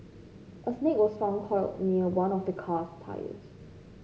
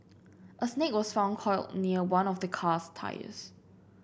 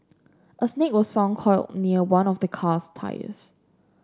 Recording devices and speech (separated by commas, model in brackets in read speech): mobile phone (Samsung C5), boundary microphone (BM630), standing microphone (AKG C214), read sentence